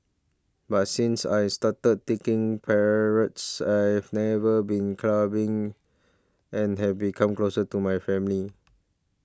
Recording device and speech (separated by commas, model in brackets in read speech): standing microphone (AKG C214), read sentence